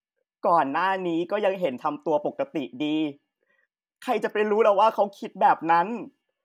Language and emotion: Thai, sad